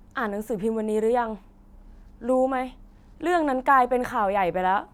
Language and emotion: Thai, angry